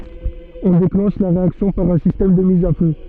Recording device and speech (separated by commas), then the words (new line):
soft in-ear microphone, read sentence
On déclenche la réaction par un système de mise à feu.